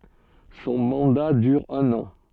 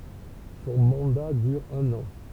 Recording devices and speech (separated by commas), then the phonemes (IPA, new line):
soft in-ear microphone, temple vibration pickup, read sentence
sɔ̃ mɑ̃da dyʁ œ̃n ɑ̃